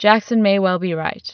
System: none